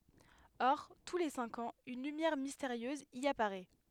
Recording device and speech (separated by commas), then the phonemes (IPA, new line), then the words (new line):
headset microphone, read sentence
ɔʁ tu le sɛ̃k ɑ̃z yn lymjɛʁ misteʁjøz i apaʁɛ
Or, tous les cinq ans une lumière mystérieuse y apparaît...